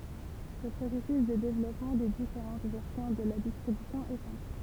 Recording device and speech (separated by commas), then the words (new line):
temple vibration pickup, read sentence
Le processus de développement des différentes versions de la distribution est simple.